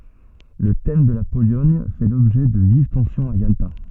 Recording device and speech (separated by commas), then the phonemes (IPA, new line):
soft in-ear microphone, read sentence
lə tɛm də la polɔɲ fɛ lɔbʒɛ də viv tɑ̃sjɔ̃z a jalta